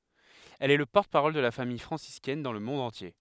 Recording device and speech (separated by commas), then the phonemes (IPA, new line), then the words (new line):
headset microphone, read sentence
ɛl ɛ lə pɔʁtəpaʁɔl də la famij fʁɑ̃siskɛn dɑ̃ lə mɔ̃d ɑ̃tje
Elle est le porte-parole de la Famille franciscaine dans le monde entier.